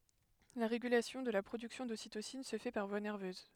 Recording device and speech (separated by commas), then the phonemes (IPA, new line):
headset microphone, read sentence
la ʁeɡylasjɔ̃ də la pʁodyksjɔ̃ dositosin sə fɛ paʁ vwa nɛʁvøz